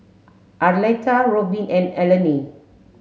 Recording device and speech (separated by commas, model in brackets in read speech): mobile phone (Samsung S8), read sentence